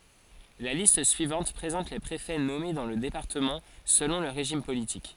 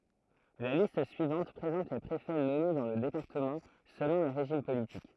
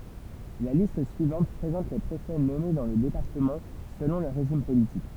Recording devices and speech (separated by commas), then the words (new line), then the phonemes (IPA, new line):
forehead accelerometer, throat microphone, temple vibration pickup, read sentence
La liste suivante présente les préfets nommés dans le département selon le régime politique.
la list syivɑ̃t pʁezɑ̃t le pʁefɛ nɔme dɑ̃ lə depaʁtəmɑ̃ səlɔ̃ lə ʁeʒim politik